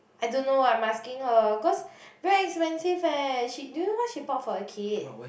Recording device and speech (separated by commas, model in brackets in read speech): boundary microphone, conversation in the same room